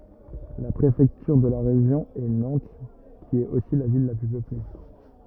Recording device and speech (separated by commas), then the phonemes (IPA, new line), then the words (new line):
rigid in-ear microphone, read sentence
la pʁefɛktyʁ də ʁeʒjɔ̃ ɛ nɑ̃t ki ɛt osi la vil la ply pøple
La préfecture de région est Nantes, qui est aussi la ville la plus peuplée.